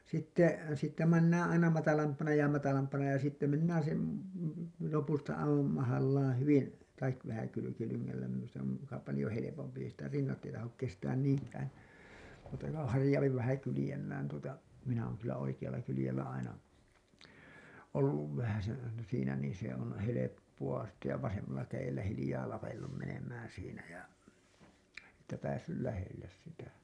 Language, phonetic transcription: Finnish, sitte , siittä mennäää̰ aina 'matalampana ja matalampana ja sitte mennään sem§ , 'lopusta aivam mahallaan hyvin , taik , vähä kylykilyŋŋällä minus(ta) , se ‿om muka palĭjo 'helepompi ei sitä 'rinnat ei tahok kestään niiŋkään̬ , mutta ko 'harĭjaupi vähä 'kylĭjellään tuota , minä òŋ kyllä 'oikiʲalla kylĭjellä aina , 'olluv vähäsen aina siinä niin se ‿on , 'heleppu₍a sitte ja 'vasemmalla käjellä hilĭjaa lapellum menem̀ään siinä ja , että päässyl 'lähelles sitä ,.
- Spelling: sitten siitä mennään aina matalampana ja matalampana ja sitten mennään sen lopusta aivan mahallaan hyvin tai vähän kylkilyngällä minusta se on muka paljon helpompi ei sitä rinnat ei tahdo kestää niinkään mutta kun harjaantuu vähän kyljellään tuota minä olen kyllä oikealla kyljellä aina ollut vähäsen aina siinä niin se on helppoa sitten ja vasemmalla kädellä hiljaa lapellut menemään siinä ja että päässyt lähelle sitä

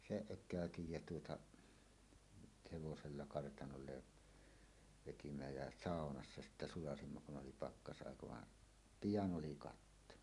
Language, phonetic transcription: Finnish, seˀ 'ˀök̆kä̀ötij jä tuotaˀ , 'hevosella 'kartanolle , vetimä jä "sàonassa "sittä "sulasimma kun ’oli 'pakkas’àeka va , "pijan oli 'katto .
- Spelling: sen ökäytin ja tuota hevosella kartanolle vedimme ja saunassa sitten sulatimme kun oli pakkasaika vaan pian oli katto

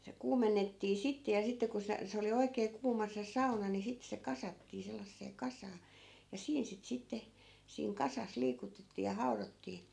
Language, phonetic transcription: Finnish, se 'kuumennettii 'sitte ja sitte ku se , 'se oli 'oikee 'kuuma se "sauna ni sit se 'kasattii sellassee 'kasaa , ja 'siin sit 'sitte , siiŋ "kasas 'liikutettii ja 'hau̬rottii .
- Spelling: se kuumennettiin sitten ja sitten kun se se oli oikein kuuma se sauna niin sitten se kasattiin sellaiseen kasaan ja siinä sitten sitten siinä kasassa liikutettiin ja haudottiin

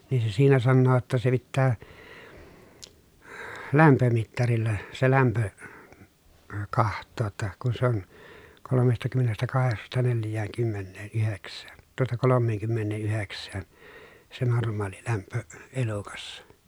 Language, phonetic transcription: Finnish, nii se siinä sannoo ‿tta » se pittää , lämpömittarilla , se lämpö , kaht̆too ‿tta , kun sᵉ ‿on , kolomestakymmenestäkaheksasta nelj̆jääŋkymmenneen₍yheks̆sään , tuota kolommeeŋkymmenneeʼyheks̆sään , se norm̆maalilämpö , elukassa » .
- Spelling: niin se siinä sanoo jotta se pitää lämpömittarilla se lämpö katsoa jotta kun se on kolmestakymmenestäkahdeksasta neljäänkymmeneenyhdeksään tuota kolmeenkymmeneenyhdeksään se normaalilämpö elukassa

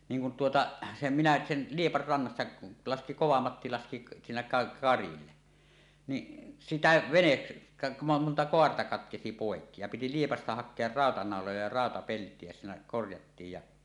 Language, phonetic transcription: Finnish, 'niiŋ kun tuota , sem minä , sen , 'Liepar 'rannassa laski "Kovamatti 'laski siinä ka- 'karille , ni , "sitä 'venet- , ka- monta "koarta 'katkesi 'pòekki ja piti 'Liepasta hak̆kear "ràotanàoloja ja "ràotapelt̀ie ja siinä 'korjattiij ja ,.
- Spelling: niin kun tuota sen minä sen Liepan rannassa laski Kovamatti laski siinä - karille niin sitä - - monta kaarta katkesi poikki ja piti Liepasta hakea rautanauloja ja rautapeltiä ja siinä korjattiin ja

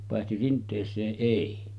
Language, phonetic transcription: Finnish, pàehti 'rint̀ees̀ee’ '’èi .
- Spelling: paitsi rinteeseen ei

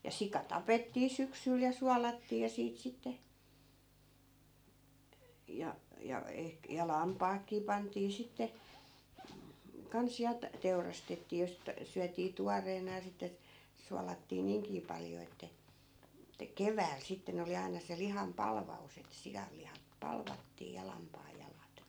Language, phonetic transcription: Finnish, ja 'sika "tapettii 'syksyl ja 'sualattii ja 'siit sitte , ja , ja , ehk- , ja "lampaakkii 'pantii sitte , 'kans ja t- , 'teurastettii ja sit , 'syätii "tuareena ja sitte , 'sualattii "niiŋkii paljo että , että "kevääl 'sitten ‿oli aina se 'liham "palva₍us ‿et 'sijallihap 'palvattii ja 'lampaajjalat .
- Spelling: ja sika tapettii syksyllä ja suolattiin ja siitä sitten ja ja - ja lampaatkin pantiin sitten kanssa ja - teurastettiin ja sitten syötiin tuoreena ja sitten suolattiin niinkin paljon että että keväällä sitten oli aina se lihan palvaus että sianlihat palvattiin ja lampaanjalat

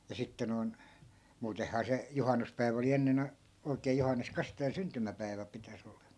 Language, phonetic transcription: Finnish, ja 'sitte noi̮n , 'muutehhaa 'se , 'juhannuspäi̮vᵃ̈ oli 'ennen ‿a- , oi̮kee 'johannes 'kastajan "syntymäpäi̮vä pitäs ‿ol(ee) .
- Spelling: ja sitten noin muutenhan se juhannuspäivä oli ennen - oikein Johannes Kastajan syntymäpäivä pitäisi olla

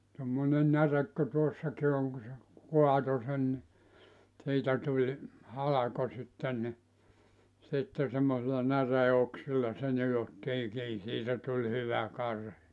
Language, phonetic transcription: Finnish, tommone 'närek ku 'tuossaki oŋ ku se , 'kuato sen ni , 'siitä tuĺ , 'halako sitten ni , 'sitte semmosilla 'näree₍oksilla se 'nijottii 'kii siitä tuĺ 'hyvä 'karhi .
- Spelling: tuommoinen näre kuin tuossakin on kun se kaatoi sen niin siitä tuli halko sitten niin sitten semmoisilla näreenoksilla se nidottiin kiinni siitä tuli hyvä karhi

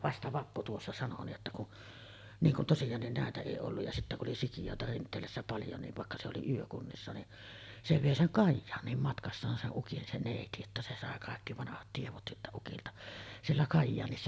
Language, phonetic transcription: Finnish, vasta 'Vappu tuossa sano nii’ ’että kun , niŋ kun 'tosijaannin nä̀etä èi olluj ja sittä ku’ ’oli "sikijòeta 'Rint̆teelässä 'paljo niv vàekka se oli 'yökunnissa ni , se 'vèi 'seŋ "Kajjaaǹiim matkassaan se’ '’ukin se 'nèiti että se sàe kàekki 'vanahat tievot siltä ukilta , "siellä 'Kajjaanissa .
- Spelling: vasta Vappu tuossa sanoi niin että kun niin kun tosiaankin näitä ei ollut ja sitten kun oli sikiöitä Rinteelässä paljon niin vaikka se oli yökunnissa niin se vei sen Kajaaniin matkassaan sen ukin se neiti että se sai kaikki vanhat tiedot siltä ukilta siellä Kajaanissa

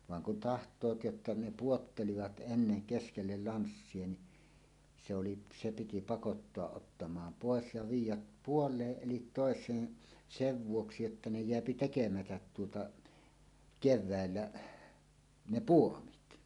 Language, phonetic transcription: Finnish, vaŋ kun taht̀oot jotta 'ne "puottelivat '’enneŋ "keskellel "lanssie ni , se oli , "se piti 'pakottoaˀ 'ˀottamaam "pòes ja 'viij̆jäp "puol̀eeˀ "ˀelit "tòes̀een , "sev 'vuoksi että 'ne "jeäpi 'tekemätät tuota , 'kev̆vä̀ellä , "ne "puomit .
- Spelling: vaan kun tahtovat jotta ne pudottelivat ennen keskelle lanssia niin se oli se piti pakottaa ottamaan pois ja viedä puoleen eli toiseen sen vuoksi että ne jää tekemättä tuota keväällä ne puomit

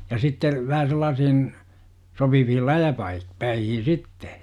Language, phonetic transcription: Finnish, ja 'sitte , vähä sellaasihin , sopivihil "läjäpai- , 'päihin̬ "sitte .
- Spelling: ja sitten vähän sellaisiin sopiviin - läjäpäihin sitten

